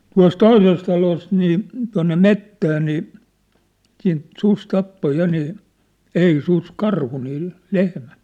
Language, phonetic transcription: Finnish, 'tua̭s "toises 'talost nii , tua̭nne "mettää nii , siint 'sus 'tappo 'ja nii , 'ei 'sus "karhu nii , 'lehmäṋ .
- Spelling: tuossa toisessa talossa niin tuonne metsään niin siitä susi tappoi ja niin ei susi karhu niin lehmän

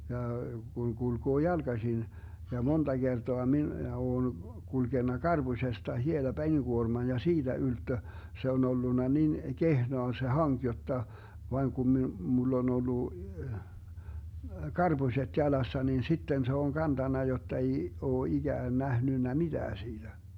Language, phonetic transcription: Finnish, ja , Guŋ 'GulGoo "jalGasin , ja "monDa 'Gertoa minä 'oon , 'kulGenna "karBusesta hiela 'peniGuorman ja "siiDä 'ylttö , se on̬ 'ollunna 'nin , "kehnoa se 'haŋk jotta , 'vaiŋ Gum mi- , mull ‿on ollu , "karBuśet 'jalassa nin 'sitten se oŋ 'kantanna jotta ei , oo 'iGään 'nähnynnä "miDää 'siiDä .
- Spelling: ja kun kulkee jalkaisin ja monta kertaa minä olen kulkenut karpusesta hiela penikuorman ja siitä ylttö se on ollut niin kehnoa se hanki jotta vain kun - minulla on ollut karpuset jalassa niin sitten se on kantanut jotta ei ole ikään nähnyt mitään siitä

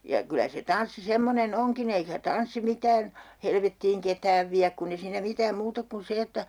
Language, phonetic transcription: Finnish, ja 'kylä se "tanssi 'semmonen "oŋkin ‿eikä 'tanssi 'mitään , "helvettiiŋ ketääv viäk 'kunn ‿e siinä mitääm 'muut ‿ok kun 'se että ,.
- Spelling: ja kyllä se tanssi semmoinen onkin eikä tanssi mitään helvettiin ketään vie kun ei siinä mitään muuta ole kuin se että

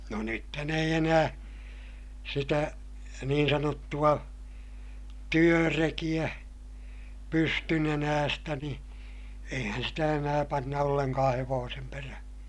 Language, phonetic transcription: Finnish, no nythän ‿eij ‿enää , sitä , niin sanottu₍a , työrekiʲä , pystynenäästä ni , eihän sitä enää panna olleŋkaa hevoosem perähÄ .
- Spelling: no nythän ei enää sitä niin sanottua työrekeä pystynenäistä niin eihän sitä enää panna ollenkaan hevosen perään

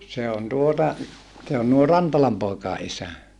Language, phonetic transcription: Finnish, se on tuota , se on nuo Rantalam pòekàe ʼisä .
- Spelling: se on tuota se on nuo Rantalan poikien isä

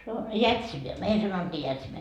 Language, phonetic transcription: Finnish, se on , "jätsinä , 'meil sanottii 'jätsinä .
- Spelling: se on jätsinä meillä sanottiin jätsinä

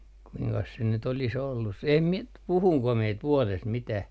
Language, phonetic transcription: Finnish, kuiŋkas se nyt olis ollus se "em 'mie nyt , 'puhuŋko mie ‿t - 'vuɔlest mitäh .
- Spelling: kuinkas se nyt olisi ollut se en minä nyt puhuinko minä - vuodesta mitään

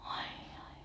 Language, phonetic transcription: Finnish, ai ai .
- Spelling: ai ai

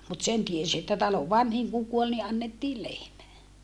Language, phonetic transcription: Finnish, mut sen tiesi että talov vanhiŋ kuŋ kuol ni ʼannettii lehmä .
- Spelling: mutta sen tiesi että talon vanhin kun kuoli niin annettiin lehmä

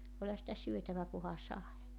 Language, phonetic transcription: Finnish, 'oĺha sitä 'syötävä kuha 'sae .
- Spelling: olihan sitä syötävä kunhan sai

